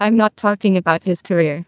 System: TTS, neural waveform model